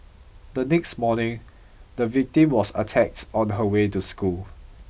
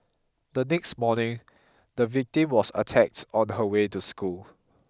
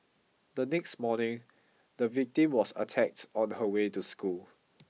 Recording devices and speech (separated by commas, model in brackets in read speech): boundary microphone (BM630), close-talking microphone (WH20), mobile phone (iPhone 6), read sentence